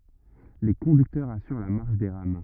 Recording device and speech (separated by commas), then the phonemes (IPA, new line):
rigid in-ear microphone, read sentence
le kɔ̃dyktœʁz asyʁ la maʁʃ de ʁam